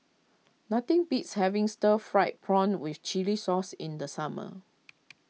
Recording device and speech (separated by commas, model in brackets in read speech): mobile phone (iPhone 6), read sentence